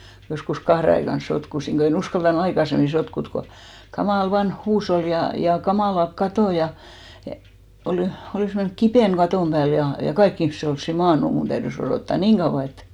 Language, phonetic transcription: Finnish, joskus 'kahre aikan 'sotkusiŋ ɢo e'n ‿uskalta"n ‿aikasemmi 'sotkut ko , 'kamàl 'vanh "huushol ja , ja 'kamàlak "katò ja , ja olì- , 'olìs mennʸk "kipèn 'ɢatòm ʙääl ja , ja "kaik ‿ihmⁱse olssi 'maannu , 'mun täyδys oròtta "niiŋ ɢauʷa et ,.
- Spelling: joskus kahden aikaan sotkusin kun en uskaltanut aikaisemmin sotkuta kun kamala vanha huusholli ja ja kamalat katot ja ja - olisi mennyt kipinä katon päälle ja ja kaikki ihmiset olisi maannut minun täytyi odottaa niin kauan että

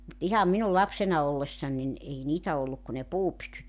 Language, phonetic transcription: Finnish, mut 'iham minul 'lapsena 'ollessan nin , 'ei 'niitä olluk ku ne "puupytyt .
- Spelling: mutta ihan minun lapsena ollessani niin ei niitä ollut kuin ne puupytyt

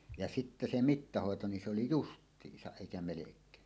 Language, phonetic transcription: Finnish, ja 'sitte se 'mittahòeto ni se oli "just̀iisaˀ 'ˀèikä 'melek̀ee .
- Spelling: ja sitten se mittahoito niin se oli justiinsa eikä melkein

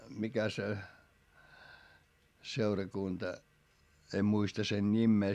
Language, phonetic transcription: Finnish, mikä se , seurakunta , em muista sen ńimmee .
- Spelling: mikä se seurakunta en muista sen nimeä

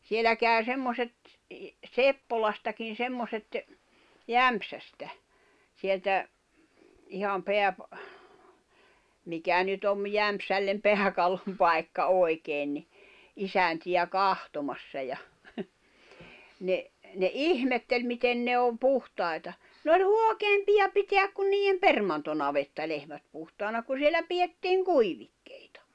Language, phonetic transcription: Finnish, 'sielä kä̀y̬̬ 'semmoset , "Seppolastakin̬ 'semmoset , "Jämᵖsästä , sieltä , iham 'peäpᵃ- , 'mikä nyt ‿om 'Jämpsällem 'peäkallom'pai̬kka 'oi̬keen ni , 'isänti₍ä "kahtomassa ja , ne , ne "’ihmetteĺ 'miten ne om 'puhtàita , ne oĺ "huokeempija 'piteäk kun niiʲjem "permantonavettalehmät puhtaana ku 'sielä piʲettiiŋ "kuivikkᴇɪtᴀ .
- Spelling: siellä kävi semmoiset Seppolastakin semmoiset Jämsästä sieltä ihan - mikä nyt on Jämsälle pääkallonpaikka oikein niin isäntiä katsomassa ja ne ne ihmetteli miten ne on puhtaita ne oli huokeampia pitää kuin niiden permantonavettalehmät puhtaana kun siellä pidettiin kuivikkeita

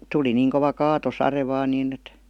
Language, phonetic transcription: Finnish, 'tuli niiŋ kova "kaatosare vaan 'niin ‿et .
- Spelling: tuli niin kova kaatosade vain niin että

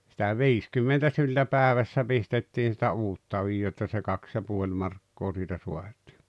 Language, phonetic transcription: Finnish, sitä "viiskymmentä syltä "päᵉvässä 'pistettiin̬ sⁱtä "uutta ojjoo että se "kaks ja 'puoĺ markkoo siitä 'suat̀ɪɪ .
- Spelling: sitä viisikymmentä syltä päivässä pistettiin sitä uutta ojaa että se kaksi ja puoli markkaa siitä saatiin

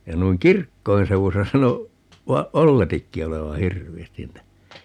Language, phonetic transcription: Finnish, ja 'nuiŋ "kirkkoin 'seuwusa 'sano , 'va- , "olletikki 'oleva "hirvi₍ästin [nii]tä .
- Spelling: ja noin kirkkojen seudussa sanoi - olletikin olevan hirveästi niitä

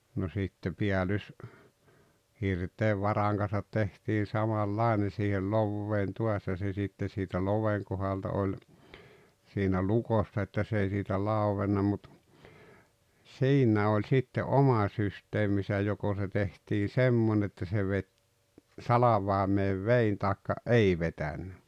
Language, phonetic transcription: Finnish, no sitte 'piälys- , '-hirtee 'varàeŋ Can̬sat 'tehtii 'samal"làene siihel "lovveen tuas ja se 'sitte siitä "loveŋ kohalta oĺ , siinä "lukossa että s ‿ei siitä 'làuvenna mut , "siinnä oĺ 'sitte "’oma 'syst̀eemisä 'joko se tehtii "semmon ‿että se vet , "salavai̬meev "vein tàekka , "’ei vetännä .
- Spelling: no sitten - päällyshirteen varojen kanssa tehtiin samanlainen siihen loveen taas ja se sitten siitä loven kohdalta oli siinä lukossa että se ei siitä lauennut mutta siinä oli sitten oma systeeminsä joko se tehtiin semmoinen että se veti salvaimeen veden tai ei vetänyt

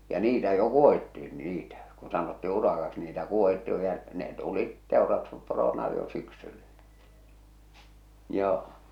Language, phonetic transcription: Finnish, ja 'niitä jo 'kuohitti₍in "niitä , kun sanottii 'urakaks niitä 'kuohitti jo , ja ne't ‿u̳lit 'tèorastusporona jo 'syksyllᴀ̈ , 'joo .
- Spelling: ja niitä jo kuohittiin niitä kun sanottiin urakaksi niitä kuohittiin jo ja ne olivat teurastusporona jo syksyllä joo

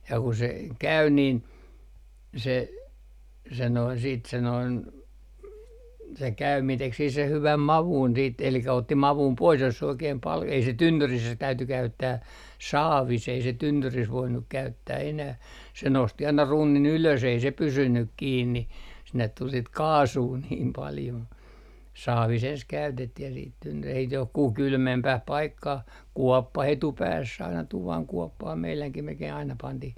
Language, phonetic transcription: Finnish, ja ku se , 'käy niin , se , se noin siit se noin , se 'käymii 'tek sih seh 'hyväm "mavun siit elikä otti "mavum 'pois jos se 'oikeem pal , ei se "tynnyris se täyty 'käyttää , "saavis ei se 'tynnyris voinnuk 'käyttää enäh , se nosti aina "runnin ylös ei se "pysynyk 'kiinni , sinnet tul sit "kaasuu niim paljo , 'saavis ‿ens 'käytettih ja siit tynny - ei s - johkuh 'kylmempäh 'paikkah , "kuɔppa'h ‿etupääss ‿aina 'tuvaŋ 'kuɔppah meiläŋkim melkei aina 'pantih .
- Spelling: ja kun se kävi niin se se noin sitten se noin se käyminen teki siihen sen hyvän maun sitten eli otti maun pois jos se oikein paljon ei se tynnyrissä se täytyi käyttää saavissa ei se tynnyrissä voinut käyttää enää se nosti aina runnin ylös ei se pysynyt kiinni sinne tuli sitten kaasua niin paljon saavissa ensin käytettiin ja sitten - ei - johonkin kylmempään paikkaan kuoppaan etupäässä aina tuvan kuoppaan meidänkin melkein aina pantiin

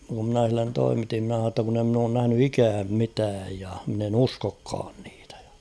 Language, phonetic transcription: Finnish, ku ‿mnä̀ h̬illen 'toimiti ‿mⁿä h̬aa ‿tta kun ‿e ‿mn ‿oon näh̳ny "ikääm 'mitääj ja mᵎn ‿en ‿'uskokkaan ɴɪɪtᴀ̈ ᴊᴀ .
- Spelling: kun minä sille toimitin minä sanoin jotta kun en minä ole nähnyt ikänä mitään ja minä en uskokaan niitä ja

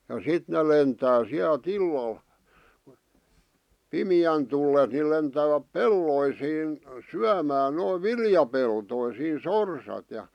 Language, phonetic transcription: Finnish, ja 'sit ne lentää 'siält "illal , 'pimⁱjän tullen ni 'lentääväp "pelloisiin , "syämään noiv "viljapeltoisiin "sorsat ja .
- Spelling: ja sitten ne lentää sieltä illalla pimeän tullen niin lentävät peltoihin syömään noin viljapeltoisiin sorsat ja

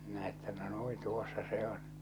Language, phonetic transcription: Finnish, minä että no "nui "tuossa 'se ‿on !
- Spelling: minä että no noin tuossa se on

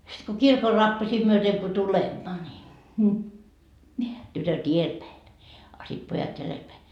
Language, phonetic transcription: Finnish, sit ko "kirkor 'rappasii myöteŋ ko "tulemma ńi , 'tytöt "ielpäi , a sit 'pojat 'jälelpäi .
- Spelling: sitten kun kirkon rappusia myöten kun tulemme niin tytöt edelläpäin a sitten pojat jäljelläpäin

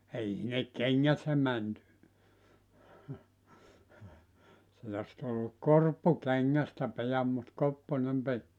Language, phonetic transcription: Finnish, 'ei sinnek "keŋŋät ne 'män , sit ‿os tulluk "korppu 'keŋŋästä 'pijam mut 'kopponem 'pit .
- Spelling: ei sinne kengät ne meni sitten olisi tullut korppu kengästä pian mutta kopponen piti

